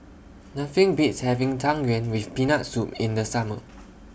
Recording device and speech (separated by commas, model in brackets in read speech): boundary microphone (BM630), read sentence